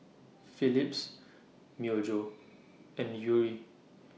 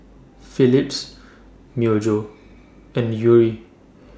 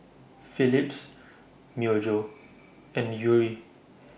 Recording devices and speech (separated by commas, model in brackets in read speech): mobile phone (iPhone 6), standing microphone (AKG C214), boundary microphone (BM630), read sentence